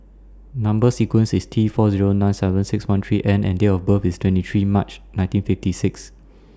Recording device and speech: standing microphone (AKG C214), read sentence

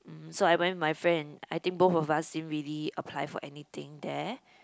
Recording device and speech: close-talking microphone, conversation in the same room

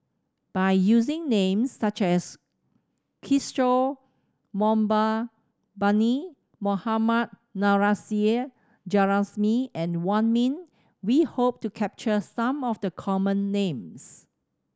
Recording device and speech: standing microphone (AKG C214), read sentence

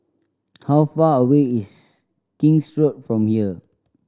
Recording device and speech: standing microphone (AKG C214), read sentence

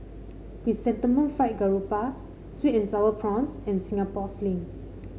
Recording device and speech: mobile phone (Samsung C5), read sentence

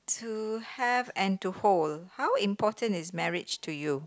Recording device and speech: close-talking microphone, conversation in the same room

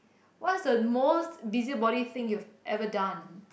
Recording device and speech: boundary microphone, conversation in the same room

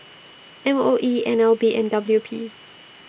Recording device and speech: boundary microphone (BM630), read sentence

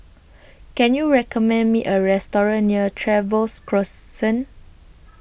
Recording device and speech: boundary microphone (BM630), read sentence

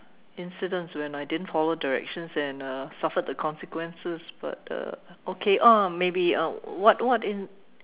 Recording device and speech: telephone, conversation in separate rooms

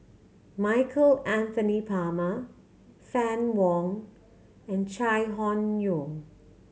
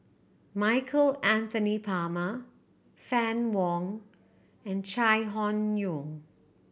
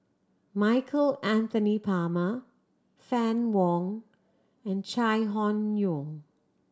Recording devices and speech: mobile phone (Samsung C7100), boundary microphone (BM630), standing microphone (AKG C214), read sentence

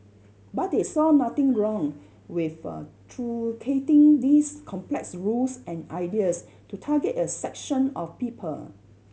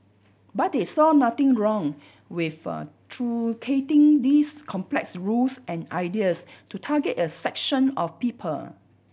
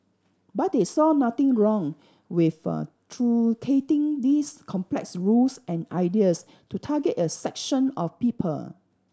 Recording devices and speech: mobile phone (Samsung C7100), boundary microphone (BM630), standing microphone (AKG C214), read sentence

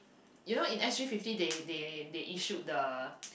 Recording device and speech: boundary microphone, conversation in the same room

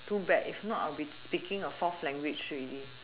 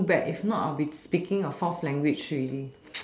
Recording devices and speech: telephone, standing microphone, conversation in separate rooms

